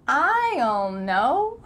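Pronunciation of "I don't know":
'I don't know' is said slowly here, with the d sound cut out, so no d is heard.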